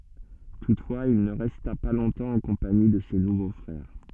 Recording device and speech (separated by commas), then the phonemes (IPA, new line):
soft in-ear microphone, read sentence
tutfwaz il nə ʁɛsta pa lɔ̃tɑ̃ ɑ̃ kɔ̃pani də se nuvo fʁɛʁ